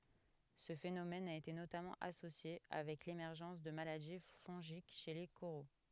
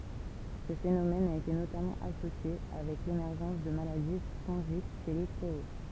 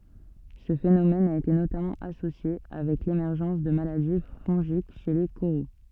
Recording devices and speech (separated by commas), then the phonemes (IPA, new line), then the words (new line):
headset microphone, temple vibration pickup, soft in-ear microphone, read sentence
sə fenomɛn a ete notamɑ̃ asosje avɛk lemɛʁʒɑ̃s də maladi fɔ̃ʒik ʃe le koʁo
Ce phénomène a été notamment associé avec l'émergence de maladies fongiques chez les coraux.